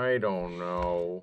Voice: silly voice